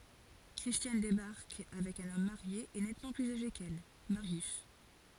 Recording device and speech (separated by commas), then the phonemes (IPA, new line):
forehead accelerometer, read sentence
kʁistjan debaʁk avɛk œ̃n ɔm maʁje e nɛtmɑ̃ plyz aʒe kɛl maʁjys